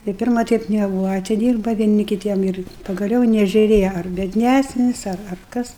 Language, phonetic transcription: Lithuanian, tai ˈpirma ˈteip neˈbūva atiˈdyrba vieˈni kiˈtiem ir pagaˈliau i nežiuˈrėja ar biedˈnæsnis ar ar ˈkas

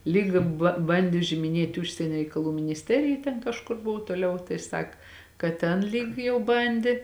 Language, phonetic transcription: Lithuanian, ˈlyg ba ˈbandė užimiˈnėti ˈužsienia reikaˈlų minisˈterija ten kažˈkur ˈbuvo toˈliau tai ˈsak kad ˈten ˈlyg jau ˈbandė

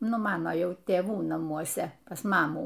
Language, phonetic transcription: Lithuanian, ˈnu ˈmano ˈjau tėˈvų namuoˈse pas ˈmamų

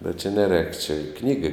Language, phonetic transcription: Lithuanian, bet čia neˈrēk čia ˈknygai

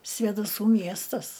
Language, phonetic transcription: Lithuanian, svėdaˈsų ˈmiestas

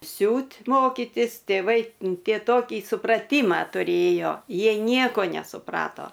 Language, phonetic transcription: Lithuanian, ˈsiūt' ˈmokitis tėˈvai ˈtie ˈtokį supraˈtymą tuˈrėjo ˈjiej ˈnieko nesuˈprato

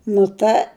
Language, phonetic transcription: Lithuanian, nu ˈta

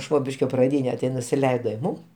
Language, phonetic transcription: Lithuanian, ˈšvobiškio praˈdyne ti nusiˈleido i ˈmūm

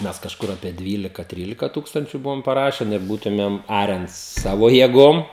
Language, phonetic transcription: Lithuanian, ˈmes kažˈkur apie ˈdvylika ˈtrylika ˈtūkstančiu ˈbuvom paˈrašen ir ˈbūtumėm ˈaren ˈsavo jėˈgom

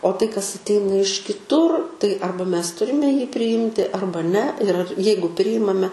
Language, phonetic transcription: Lithuanian, o tai kas atˈeina iš kiˈtur tai ˈarba ˈmes ˈturime priˈjimti ˈarba ne ir ar ˈjeigu ˈprijimame

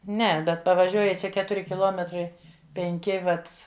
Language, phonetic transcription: Lithuanian, ˈne ˈbet pavaˈžiuoji ˈčia ˈketuri kiˈluometrai penˈki ˈvat

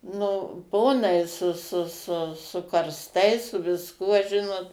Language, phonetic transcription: Lithuanian, ˈnu ˈponai su su su su karsˈtais su visˈkuo ˈžinot

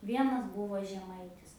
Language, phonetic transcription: Lithuanian, ˈvienas ˈbuvo žeˈmaitis

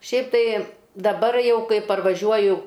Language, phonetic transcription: Lithuanian, ˈšiaip ˈtai daˈbar ˈjau ˈkai parvaˈžiuoju

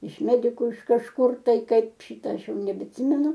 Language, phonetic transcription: Lithuanian, iš ˈmediku iš kažˈkur ˈtai ˈkaip ˈšita ˈaš ˈjau nebeatˈsimenu

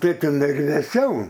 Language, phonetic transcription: Lithuanian, ˈtai tiˈnai ir vėˈsiau

